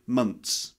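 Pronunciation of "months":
In 'months', a t sound replaces the th sound.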